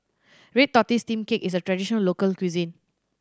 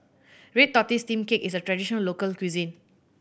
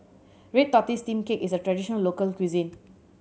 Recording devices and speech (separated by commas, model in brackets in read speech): standing microphone (AKG C214), boundary microphone (BM630), mobile phone (Samsung C7100), read sentence